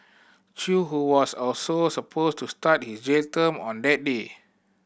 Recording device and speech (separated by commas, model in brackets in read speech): boundary microphone (BM630), read sentence